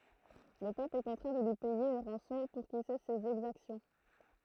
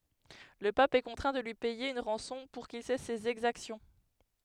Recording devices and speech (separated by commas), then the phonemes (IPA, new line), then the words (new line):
throat microphone, headset microphone, read sentence
lə pap ɛ kɔ̃tʁɛ̃ də lyi pɛje yn ʁɑ̃sɔ̃ puʁ kil sɛs sez ɛɡzaksjɔ̃
Le pape est contraint de lui payer une rançon pour qu'il cesse ses exactions.